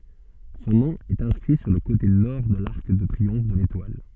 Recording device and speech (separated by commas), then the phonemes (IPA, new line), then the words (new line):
soft in-ear microphone, read sentence
sɔ̃ nɔ̃ ɛt ɛ̃skʁi syʁ lə kote nɔʁ də laʁk də tʁiɔ̃f də letwal
Son nom est inscrit sur le côté Nord de l'arc de triomphe de l'Étoile.